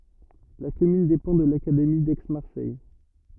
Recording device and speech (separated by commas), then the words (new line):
rigid in-ear microphone, read sentence
La commune dépend de l'académie d'Aix-Marseille.